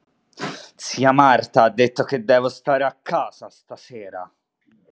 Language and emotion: Italian, angry